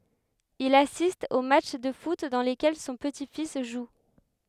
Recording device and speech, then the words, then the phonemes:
headset microphone, read sentence
Il assiste aux matchs de foot dans lesquels son petit-fils joue.
il asist o matʃ də fut dɑ̃ lekɛl sɔ̃ pəti fis ʒu

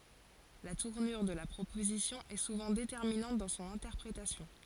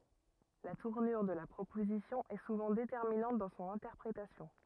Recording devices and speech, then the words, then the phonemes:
forehead accelerometer, rigid in-ear microphone, read sentence
La tournure de la proposition est souvent déterminante dans son interprétation.
la tuʁnyʁ də la pʁopozisjɔ̃ ɛ suvɑ̃ detɛʁminɑ̃t dɑ̃ sɔ̃n ɛ̃tɛʁpʁetasjɔ̃

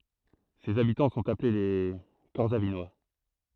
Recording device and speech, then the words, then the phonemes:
throat microphone, read sentence
Ses habitants sont appelés les Corsavinois.
sez abitɑ̃ sɔ̃t aple le kɔʁsavinwa

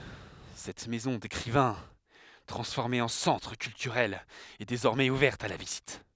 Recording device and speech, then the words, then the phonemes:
headset microphone, read sentence
Cette maison d'écrivain, transformée en centre culturel, est désormais ouverte à la visite.
sɛt mɛzɔ̃ dekʁivɛ̃ tʁɑ̃sfɔʁme ɑ̃ sɑ̃tʁ kyltyʁɛl ɛ dezɔʁmɛz uvɛʁt a la vizit

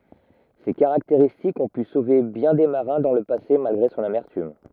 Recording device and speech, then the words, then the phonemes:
rigid in-ear microphone, read sentence
Ces caractéristiques ont pu sauver bien des marins dans le passé malgré son amertume.
se kaʁakteʁistikz ɔ̃ py sove bjɛ̃ de maʁɛ̃ dɑ̃ lə pase malɡʁe sɔ̃n amɛʁtym

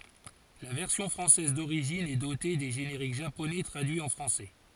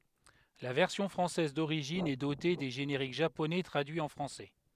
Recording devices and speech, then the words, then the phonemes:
forehead accelerometer, headset microphone, read sentence
La version française d'origine est dotée des génériques japonais traduits en français.
la vɛʁsjɔ̃ fʁɑ̃sɛz doʁiʒin ɛ dote de ʒeneʁik ʒaponɛ tʁadyiz ɑ̃ fʁɑ̃sɛ

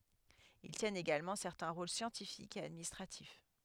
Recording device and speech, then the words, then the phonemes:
headset microphone, read sentence
Ils tiennent également certains rôles scientifiques et administratifs.
il tjɛnt eɡalmɑ̃ sɛʁtɛ̃ ʁol sjɑ̃tifikz e administʁatif

